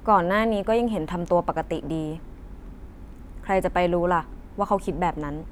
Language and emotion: Thai, neutral